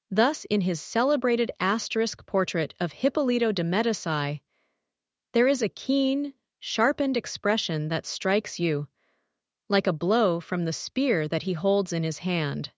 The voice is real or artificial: artificial